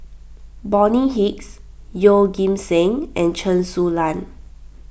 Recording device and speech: boundary microphone (BM630), read sentence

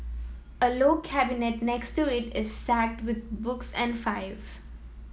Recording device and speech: mobile phone (iPhone 7), read sentence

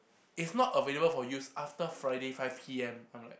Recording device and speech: boundary microphone, conversation in the same room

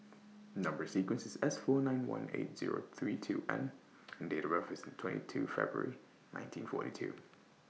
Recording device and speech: mobile phone (iPhone 6), read sentence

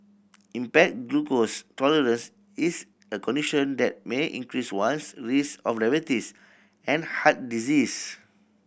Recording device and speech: boundary microphone (BM630), read sentence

